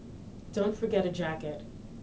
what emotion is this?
neutral